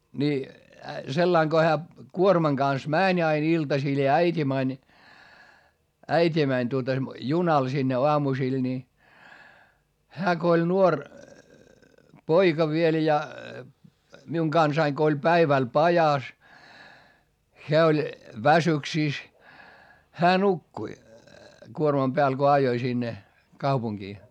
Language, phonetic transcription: Finnish, ni , sellaiŋ Go hää , kuormaŋ Gans mä̀ń ‿ain ‿iltasil ja äit́i mäń , äit́i mäń tuota , junal sinne oamusil ni , hää ko oĺ nuor , poika viel ja , miuŋ Gansaiŋ Go oĺ päiväl pajas , heä oĺ , väsyksìs , hää nukkui , kuormam Beäl ko ajoi sinne , kaupuŋGii .
- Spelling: niin sillä lailla kun hän kuorman kanssa meni aina iltasilla ja äiti meni äiti meni tuota junalla sinne aamusilla niin hän kun oli nuori poika vielä ja minun kanssani kun oli päivällä pajassa hän oli väsyksissä hän nukkui kuorman päällä kun ajoi sinne kaupunkiin

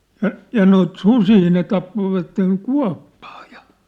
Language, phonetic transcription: Finnish, 'ja , ja noit "susii ne tappovatteŋ "kua̭ppᴀᴀ ᴊᴀ .
- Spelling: ja ja noita susia ne tappoivat kuoppaan ja

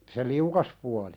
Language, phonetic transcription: Finnish, se "liukas puali .
- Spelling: se liukas puoli

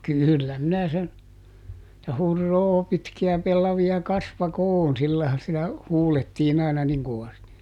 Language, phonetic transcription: Finnish, ˈkỳllä minä sen , [et]tä » ˈhur"roo ˈpitkiä ˈpellavi₍a ˈkasva"koon » ˈsillài̮han̬ sitä , ˈhuulettiin ‿àina ˈniŋ kovasti .
- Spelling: kyllä minä sen että huroo pitkiä pellavia kasvakoon sillä laillahan sitä huudettiin aina niin kovasti

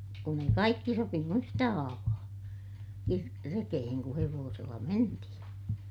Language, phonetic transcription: Finnish, kun ‿ei kaikki sopinu yhtä haavaa , kir- , rekeheŋ ku hevoosella mentihiḭ .
- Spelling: kun ei kaikki sopinut yhtä haavaa - rekeen kun hevosella mentiin

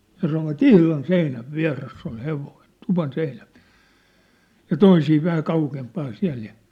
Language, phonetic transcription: Finnish, ja sanovat "ihlan "seinäv "viä̭ress ‿ol "hevoin , 'tuvan 'seinäv viä̭r(ᴇs) , ja 'toisii 'vähä 'kaukempaan 'siä̭l ja .
- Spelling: ja sanoivat ihan seinän vieressä oli hevonen tuvan seinän vieressä ja toisia vähän kauempana siellä ja

